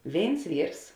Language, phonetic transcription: Lithuanian, ˈvėins ˈvyrs

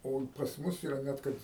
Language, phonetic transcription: Lithuanian, o i pasˈ mus iˈra ˈnet kad

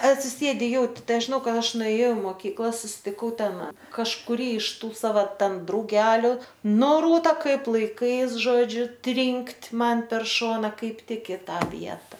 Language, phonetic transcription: Lithuanian, atsiˈsėdi ˈjauti ˈtai ˈaš žiˈnau ˈkad ˈaš nuėˈjau i moˈkykla susitiˈkau ˈten kažkuˈrį iš ˈtų ˈsava ˈten drauˈgeliu ˈnu ˈrūta ˈkaip laiˈkais ˈžodžiu ˈtrinkt' ˈman per ˈšona ˈkaip ˈtik i ˈtą ˈvieta

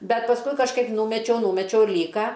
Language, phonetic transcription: Lithuanian, ˈbet pasˈkui kažˈkaip ˈnūmečiau ˈnumečiau ˈlyka

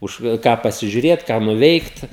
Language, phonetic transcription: Lithuanian, ˈuž ˈką pasižiuˈrėt ką nuˈveikt

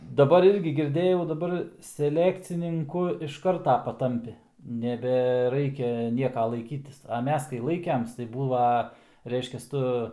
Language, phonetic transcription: Lithuanian, daˈbar ˈirgi girˈdėjau daˈbar seˈlekcininku iš ˈkarta paˈtampi nebeˈraikia ˈnieka laiˈkytis a ˈmes kai ˈlaikems tai ˈbūva ˈreiškias ˈtu

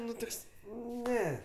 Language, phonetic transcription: Lithuanian, ˈnu ˈtoks ˈne

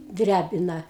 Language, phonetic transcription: Lithuanian, ˈdræbina

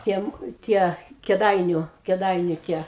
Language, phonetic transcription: Lithuanian, ˈtiem ˈtie keˈdainiu keˈdainiu tie

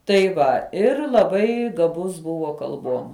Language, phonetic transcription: Lithuanian, tai ˈva ˈir laˈbai gaˈbus ˈbuvo kalˈbuom

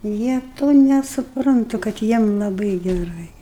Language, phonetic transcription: Lithuanian, ˈjie ˈto nesuˈprantu kad ˈjiem laˈbɨi geˈrai

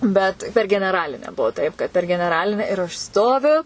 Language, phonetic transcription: Lithuanian, ˈbet per geneˈralinę ˈbuo taip kad per geneˈraline ir aš ˈstoviu

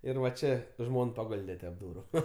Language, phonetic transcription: Lithuanian, ˈir va ˈčė ˈžmon paˈgolde tep ˈdūru

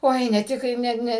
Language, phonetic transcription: Lithuanian, ˈoi ne ˈtik kai ˈne ˈne

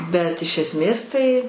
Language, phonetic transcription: Lithuanian, bet iš ˈesmės ˈtai

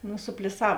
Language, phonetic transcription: Lithuanian, nu supliˈsav

